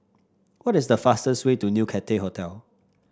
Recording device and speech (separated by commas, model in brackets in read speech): standing microphone (AKG C214), read sentence